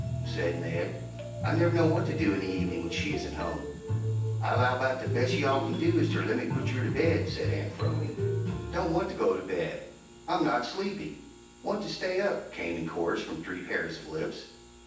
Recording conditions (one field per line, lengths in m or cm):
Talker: one person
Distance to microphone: 9.8 m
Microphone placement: far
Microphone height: 1.8 m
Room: large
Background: music